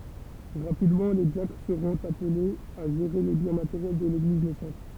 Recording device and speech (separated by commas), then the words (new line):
temple vibration pickup, read sentence
Rapidement, les diacres seront appelés à gérer les biens matériels de l'Église naissante.